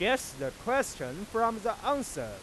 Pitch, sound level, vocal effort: 230 Hz, 98 dB SPL, loud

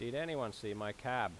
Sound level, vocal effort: 89 dB SPL, loud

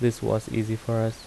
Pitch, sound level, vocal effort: 110 Hz, 78 dB SPL, soft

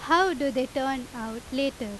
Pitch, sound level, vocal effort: 270 Hz, 90 dB SPL, very loud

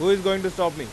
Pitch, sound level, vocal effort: 185 Hz, 97 dB SPL, loud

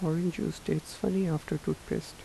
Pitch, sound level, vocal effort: 180 Hz, 76 dB SPL, soft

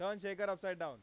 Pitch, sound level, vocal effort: 195 Hz, 100 dB SPL, very loud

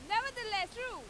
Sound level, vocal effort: 103 dB SPL, very loud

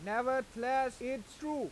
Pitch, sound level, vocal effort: 255 Hz, 97 dB SPL, very loud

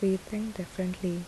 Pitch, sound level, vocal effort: 190 Hz, 73 dB SPL, soft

